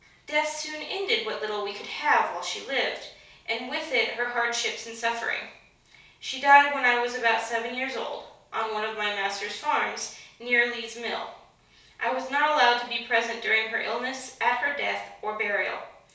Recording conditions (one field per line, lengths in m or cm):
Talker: one person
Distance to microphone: 3.0 m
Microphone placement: far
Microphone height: 1.8 m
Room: small (3.7 m by 2.7 m)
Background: none